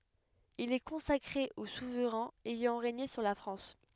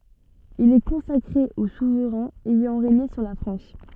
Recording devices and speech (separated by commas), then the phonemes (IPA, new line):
headset microphone, soft in-ear microphone, read sentence
il ɛ kɔ̃sakʁe o suvʁɛ̃z ɛjɑ̃ ʁeɲe syʁ la fʁɑ̃s